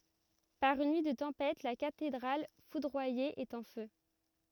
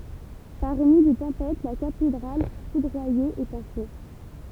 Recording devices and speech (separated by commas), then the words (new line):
rigid in-ear microphone, temple vibration pickup, read sentence
Par une nuit de tempête, la cathédrale foudroyée est en feu.